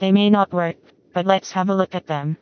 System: TTS, vocoder